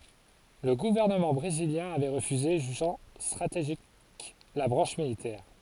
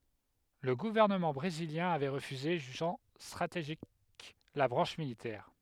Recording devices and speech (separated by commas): forehead accelerometer, headset microphone, read sentence